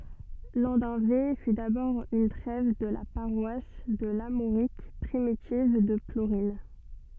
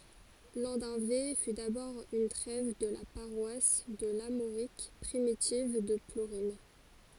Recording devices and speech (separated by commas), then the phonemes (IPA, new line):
soft in-ear microphone, forehead accelerometer, read sentence
lɑ̃dœ̃ve fy dabɔʁ yn tʁɛv də la paʁwas də laʁmoʁik pʁimitiv də pluʁɛ̃